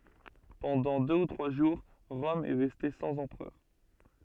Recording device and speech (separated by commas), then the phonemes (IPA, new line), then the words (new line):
soft in-ear microphone, read sentence
pɑ̃dɑ̃ dø u tʁwa ʒuʁ ʁɔm ɛ ʁɛste sɑ̃z ɑ̃pʁœʁ
Pendant deux ou trois jours, Rome est restée sans empereur.